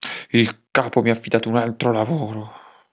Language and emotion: Italian, angry